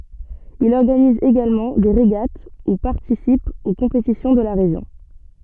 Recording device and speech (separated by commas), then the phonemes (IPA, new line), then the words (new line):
soft in-ear microphone, read sentence
il ɔʁɡaniz eɡalmɑ̃ de ʁeɡat u paʁtisip o kɔ̃petisjɔ̃ də la ʁeʒjɔ̃
Il organise également des régates ou participe aux compétitions de la région.